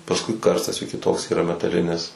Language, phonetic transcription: Lithuanian, pasˈkui ˈkarstas jų kiˈtoks yˈra metaˈlinis

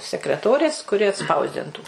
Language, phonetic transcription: Lithuanian, sekreˈtorės kuˈri atˈspausdintų

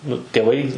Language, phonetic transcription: Lithuanian, ˈnu tėˈvai

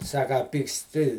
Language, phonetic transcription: Lithuanian, ˈsaka a pyksˈti

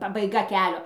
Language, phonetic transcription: Lithuanian, pabaiˈga ˈkelio

